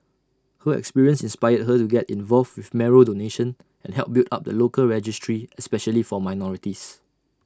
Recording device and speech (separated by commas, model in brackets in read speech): standing microphone (AKG C214), read sentence